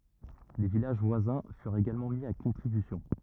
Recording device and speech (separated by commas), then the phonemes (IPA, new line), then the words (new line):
rigid in-ear microphone, read sentence
le vilaʒ vwazɛ̃ fyʁt eɡalmɑ̃ mi a kɔ̃tʁibysjɔ̃
Les villages voisins furent également mis à contribution.